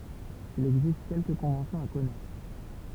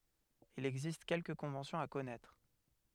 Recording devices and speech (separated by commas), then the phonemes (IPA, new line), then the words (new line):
temple vibration pickup, headset microphone, read sentence
il ɛɡzist kɛlkə kɔ̃vɑ̃sjɔ̃z a kɔnɛtʁ
Il existe quelques conventions à connaître.